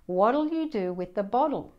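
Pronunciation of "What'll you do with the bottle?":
This is said with an American and Australian accent. 'What'll' sounds like 'waddle', with the t said like a d.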